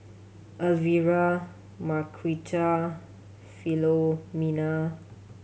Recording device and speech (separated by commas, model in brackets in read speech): mobile phone (Samsung C7100), read sentence